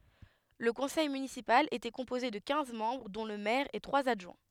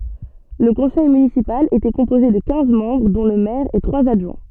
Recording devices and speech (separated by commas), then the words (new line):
headset microphone, soft in-ear microphone, read sentence
Le conseil municipal était composé de quinze membres, dont le maire et trois adjoints.